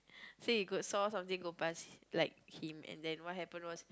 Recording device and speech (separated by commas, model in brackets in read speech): close-talking microphone, conversation in the same room